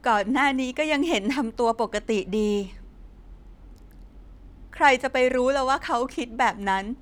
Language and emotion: Thai, sad